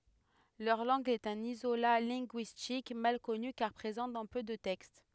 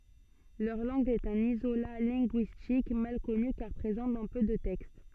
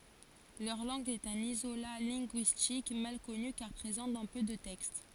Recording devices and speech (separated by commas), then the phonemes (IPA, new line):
headset microphone, soft in-ear microphone, forehead accelerometer, read sentence
lœʁ lɑ̃ɡ ɛt œ̃n izola lɛ̃ɡyistik mal kɔny kaʁ pʁezɑ̃ dɑ̃ pø də tɛkst